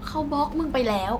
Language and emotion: Thai, frustrated